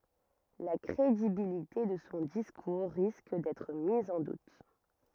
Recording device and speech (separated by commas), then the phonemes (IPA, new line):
rigid in-ear microphone, read sentence
la kʁedibilite də sɔ̃ diskuʁ ʁisk dɛtʁ miz ɑ̃ dut